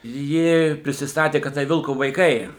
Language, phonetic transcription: Lithuanian, ˈji prisisˈtatė kad ˈtai ˈvilko vaiˈkai

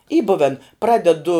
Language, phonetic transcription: Lithuanian, y ˈbuven ˈpradedu

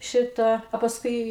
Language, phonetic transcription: Lithuanian, ˈšita a pasˈkui

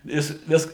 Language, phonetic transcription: Lithuanian, ˈjis ˈvis

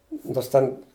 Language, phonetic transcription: Lithuanian, ˈnors ˈten

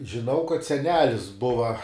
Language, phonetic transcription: Lithuanian, žiˈnau kad seˈnelis ˈbuva

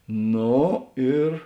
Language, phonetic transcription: Lithuanian, ˈno ir

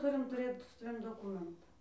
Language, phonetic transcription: Lithuanian, ˈturim tuˈrėt su saˈvim doˈkumentą

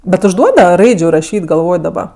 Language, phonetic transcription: Lithuanian, ˈbet užˈduodava ˈraidžiu raˈšyt' galˈvoj daˈba

